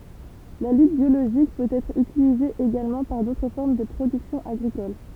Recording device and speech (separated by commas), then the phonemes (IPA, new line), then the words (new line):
temple vibration pickup, read sentence
la lyt bjoloʒik pøt ɛtʁ ytilize eɡalmɑ̃ paʁ dotʁ fɔʁm də pʁodyksjɔ̃ aɡʁikol
La lutte biologique peut être utilisée également par d'autres formes de production agricoles.